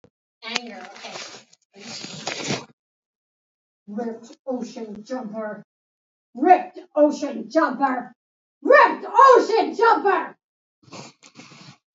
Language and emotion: English, angry